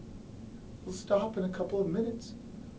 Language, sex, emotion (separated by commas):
English, male, neutral